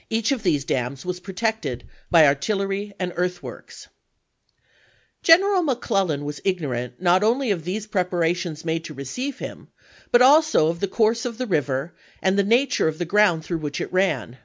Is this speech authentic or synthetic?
authentic